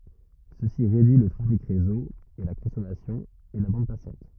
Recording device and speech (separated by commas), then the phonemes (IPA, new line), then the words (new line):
rigid in-ear microphone, read sentence
səsi ʁedyi lə tʁafik ʁezo e la kɔ̃sɔmasjɔ̃ e la bɑ̃d pasɑ̃t
Ceci réduit le trafic réseau et la consommation et la bande passante.